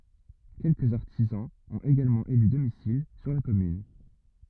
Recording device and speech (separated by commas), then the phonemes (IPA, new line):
rigid in-ear microphone, read sentence
kɛlkəz aʁtizɑ̃z ɔ̃t eɡalmɑ̃ ely domisil syʁ la kɔmyn